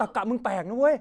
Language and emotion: Thai, angry